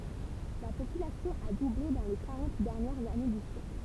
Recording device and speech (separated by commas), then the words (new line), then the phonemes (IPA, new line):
temple vibration pickup, read sentence
La population a doublé dans les quarante dernières années du siècle.
la popylasjɔ̃ a duble dɑ̃ le kaʁɑ̃t dɛʁnjɛʁz ane dy sjɛkl